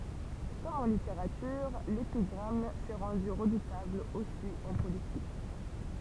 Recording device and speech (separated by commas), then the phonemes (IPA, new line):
temple vibration pickup, read sentence
kɔm ɑ̃ liteʁatyʁ lepiɡʁam sɛ ʁɑ̃dy ʁədutabl osi ɑ̃ politik